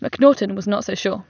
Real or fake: real